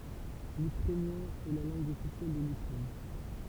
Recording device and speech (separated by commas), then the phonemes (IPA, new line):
temple vibration pickup, read sentence
lykʁɛnjɛ̃ ɛ la lɑ̃ɡ ɔfisjɛl də lykʁɛn